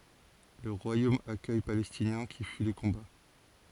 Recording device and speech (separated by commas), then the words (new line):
forehead accelerometer, read sentence
Le royaume accueille Palestiniens qui fuient les combats.